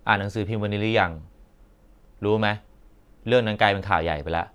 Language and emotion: Thai, frustrated